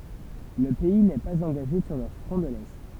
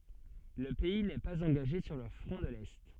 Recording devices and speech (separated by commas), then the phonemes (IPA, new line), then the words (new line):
temple vibration pickup, soft in-ear microphone, read sentence
lə pɛi nɛ paz ɑ̃ɡaʒe syʁ lə fʁɔ̃ də lɛ
Le pays n'est pas engagé sur le Front de l'Est.